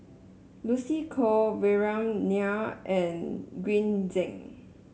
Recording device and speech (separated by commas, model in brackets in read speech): mobile phone (Samsung S8), read sentence